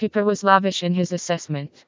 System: TTS, vocoder